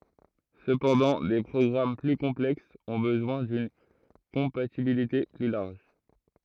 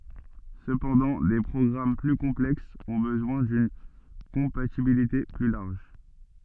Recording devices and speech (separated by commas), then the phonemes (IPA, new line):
throat microphone, soft in-ear microphone, read sentence
səpɑ̃dɑ̃ de pʁɔɡʁam ply kɔ̃plɛksz ɔ̃ bəzwɛ̃ dyn kɔ̃patibilite ply laʁʒ